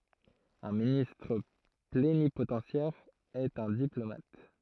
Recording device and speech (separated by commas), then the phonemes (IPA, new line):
throat microphone, read sentence
œ̃ ministʁ plenipotɑ̃sjɛʁ ɛt œ̃ diplomat